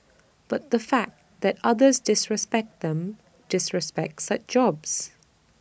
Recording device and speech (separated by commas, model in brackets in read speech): boundary microphone (BM630), read sentence